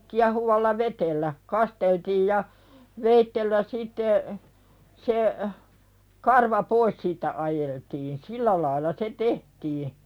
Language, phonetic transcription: Finnish, kiahuvalla "vetellä , 'kasteltiij ja , 'veittellä sitte , se , 'karva "pois siittä ’ajeltiin 'sillä lailla se "tehtii .
- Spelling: kiehuvalla vedellä kasteltiin ja veitsellä sitten se karva pois siitä ajeltiin sillä lailla se tehtiin

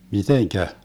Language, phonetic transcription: Finnish, 'miteŋkä ?
- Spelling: miten

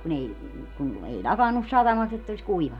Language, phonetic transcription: Finnish, kun ‿ei , kun , 'ei "ĺakannus 'satamast ‿ett ‿olis 'kuivannu .
- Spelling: kun ei kun ei lakannut satamasta että olisi kuivannut

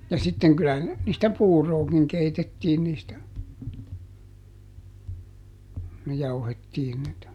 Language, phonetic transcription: Finnish, ja ˈsitteŋ kylähän , niistä "puurookiŋ ˈkeitettiin niistä , kuj ˈjauhettiin niitä .
- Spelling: ja sitten kyllähän niistä puuroakin keitettiin niistä kun jauhettiin niitä

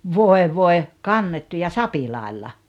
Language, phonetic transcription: Finnish, 'voe 'voe , "kannettu ja "sapilàella .
- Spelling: voi voi kannettu ja sapilailla

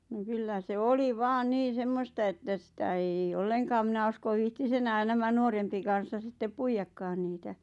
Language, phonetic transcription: Finnish, ⁿᵒ 'kyllä se "oli "vaan 'niin̬ "semmosta että 'sⁱtä eij ‿ᵉⁱ "olleŋkaam mⁱnä uskoᵛ 'viihtis "enään nämä 'nuorempi kan̬ssa sittep 'puijakkaan niitä .
- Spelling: no kyllä se oli vain niin semmoista että sitä ei ei ollenkaan minä usko viitsisi enää nämä nuorempi kansa sitten puidakaan niitä

